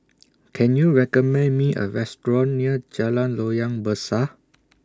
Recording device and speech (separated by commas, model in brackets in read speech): standing microphone (AKG C214), read sentence